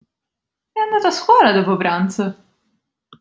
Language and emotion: Italian, surprised